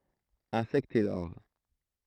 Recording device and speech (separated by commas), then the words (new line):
throat microphone, read sentence
Insectes et larves.